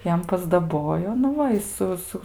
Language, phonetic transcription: Lithuanian, ˈjam pasdaˈbojo nu ˈva i ˈsu ˈsu

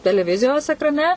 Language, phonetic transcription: Lithuanian, teleˈvizijos ekraˈne

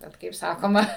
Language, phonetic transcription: Lithuanian, ˈbet kaip ˈsakoma

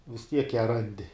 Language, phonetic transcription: Lithuanian, vis ˈtiek ją ˈrandi

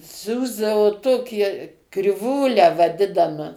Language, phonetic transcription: Lithuanian, ˈsiųsdavo ˈtokie kriˈvūlę vaˈdinama

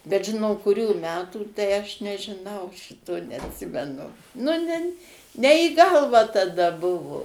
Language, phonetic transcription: Lithuanian, bet ˈži no kuˈrių ˈmetų tai aš nežiˈnau ˈšito neatˈsimenu nu ˈnen ne į ˈgalvą taˈda ˈbuvu

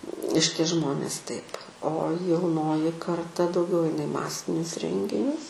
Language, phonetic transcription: Lithuanian, ˈšitie ˈžmonės taip o jauˈnoji karˈta dauˈgiau ˈaina i ˈmasinius ˈrenginius

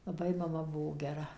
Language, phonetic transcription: Lithuanian, laˈbai maˈma ˈbuvo geˈra

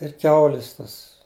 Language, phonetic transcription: Lithuanian, ir ˈkiaulis ˈtas

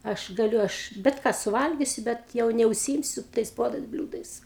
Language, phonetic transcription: Lithuanian, ˈaš gaˈliu ˈaš bet ˈką suˈvalgisiu ˈbet jau neužsyˈimsiu tais ˈpuodais ˈbliūdais

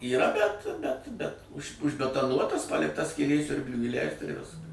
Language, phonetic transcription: Lithuanian, yˈra bet bet bet už užbetaˈnuotas ˈpalikta skyˈlė ˈsiurbliui įˈleist ir ˈviskas

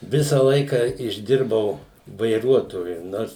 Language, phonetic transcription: Lithuanian, ˈvisa ˈlaika išˈdirbau vaiˈruotoju ˈnors

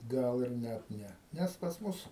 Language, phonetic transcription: Lithuanian, ˈgal ir ˈnæt ˈne ˈnæs pas ˈmus

